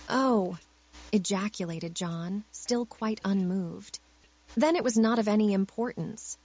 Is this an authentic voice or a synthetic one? synthetic